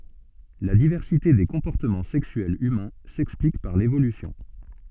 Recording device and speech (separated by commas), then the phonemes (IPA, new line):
soft in-ear microphone, read sentence
la divɛʁsite de kɔ̃pɔʁtəmɑ̃ sɛksyɛlz ymɛ̃ sɛksplik paʁ levolysjɔ̃